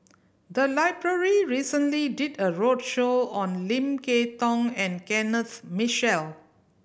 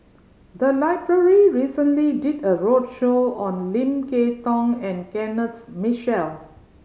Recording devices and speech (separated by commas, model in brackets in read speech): boundary microphone (BM630), mobile phone (Samsung C5010), read sentence